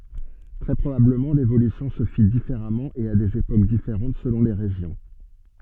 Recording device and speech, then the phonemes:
soft in-ear microphone, read sentence
tʁɛ pʁobabləmɑ̃ levolysjɔ̃ sə fi difeʁamɑ̃ e a dez epok difeʁɑ̃t səlɔ̃ le ʁeʒjɔ̃

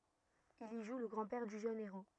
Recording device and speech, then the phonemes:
rigid in-ear microphone, read sentence
il i ʒu lə ɡʁɑ̃dpɛʁ dy ʒøn eʁo

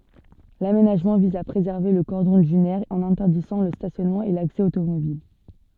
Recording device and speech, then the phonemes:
soft in-ear microphone, read sentence
lamenaʒmɑ̃ viz a pʁezɛʁve lə kɔʁdɔ̃ dynɛʁ ɑ̃n ɛ̃tɛʁdizɑ̃ lə stasjɔnmɑ̃ e laksɛ otomobil

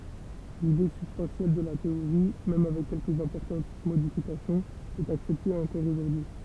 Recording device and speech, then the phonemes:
temple vibration pickup, read sentence
lide sybstɑ̃sjɛl də la teoʁi mɛm avɛk kɛlkəz ɛ̃pɔʁtɑ̃t modifikasjɔ̃z ɛt aksɛpte ɑ̃kɔʁ oʒuʁdyi

